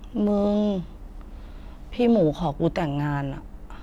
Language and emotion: Thai, frustrated